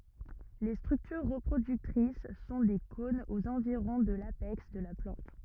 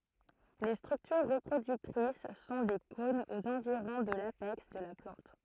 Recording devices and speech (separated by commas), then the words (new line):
rigid in-ear microphone, throat microphone, read sentence
Les structures reproductrices sont des cônes aux environs de l'apex de la plante.